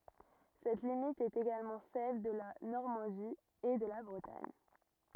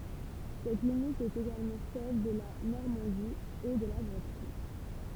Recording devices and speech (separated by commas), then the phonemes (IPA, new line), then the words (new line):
rigid in-ear microphone, temple vibration pickup, read sentence
sɛt limit ɛt eɡalmɑ̃ sɛl də la nɔʁmɑ̃di e də la bʁətaɲ
Cette limite est également celle de la Normandie et de la Bretagne.